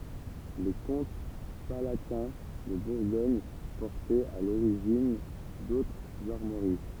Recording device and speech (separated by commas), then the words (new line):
temple vibration pickup, read sentence
Les comtes palatins de Bourgogne portaient à l'origine d'autres armoiries.